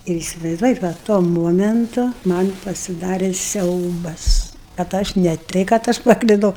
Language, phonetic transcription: Lithuanian, ir isivaizˈduojat ˈva tuo ˈmomentu ˈman pasiˈdarė ˈsiaubas kad ˈaš ne ˈtei kad ˈaš pakliˈdau

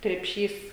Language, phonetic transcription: Lithuanian, krepˈšys

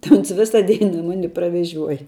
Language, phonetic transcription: Lithuanian, tai ˈons ˈvisa ˈdeina ˈmani praveˈžiuoja

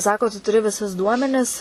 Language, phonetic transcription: Lithuanian, ˈsako tu tuˈri viˈsus ˈduomenis

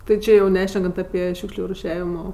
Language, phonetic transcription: Lithuanian, ti ˈči jau ˈnešnekant api ˈšiūkšliu ruˈšiavimo

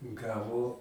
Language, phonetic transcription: Lithuanian, ˈgavo

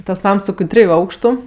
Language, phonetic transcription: Lithuanian, ˈtas ˈnams ˈsako ˈtriju ˈaukštu

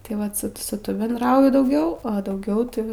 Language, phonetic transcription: Lithuanian, tai ˈvat su ˈsu ˈtu bendˈrauju dauˈgiau o dauˈgiau ˈtai

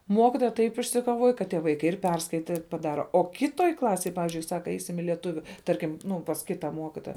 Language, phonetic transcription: Lithuanian, ˈmokitoja taip išsikoˈvoj kad ˈtie ˈvaikai ir ˈperskaita ir paˈdara ˈo ˈkitoj ˈklasėj ˈpavizdžiui ˈsaka ˈeisim i leˈtuviu ˈtarkim ˈnu pas ˈkitą ˈmuokitoja

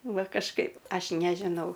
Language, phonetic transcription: Lithuanian, ˈva kažˈkaip ˈaš ˈnežinau

